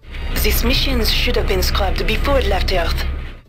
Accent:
cool French accent